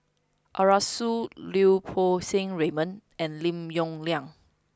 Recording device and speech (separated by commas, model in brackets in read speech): close-talking microphone (WH20), read sentence